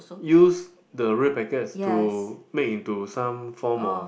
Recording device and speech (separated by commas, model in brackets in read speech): boundary microphone, conversation in the same room